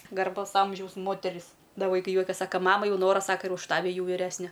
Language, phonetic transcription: Lithuanian, garˈbaus ˈamžiaus ˈmoteris ˈda vaiˈkai ˈjuokias saka ˈmama ˈjau ˈnora ˈsaka ir už ˈtavi ˈjau viˈresne

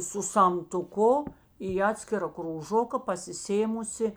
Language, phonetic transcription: Lithuanian, su samtuˈku į ˈatskira krūˈžoka pasiˈsėmusi

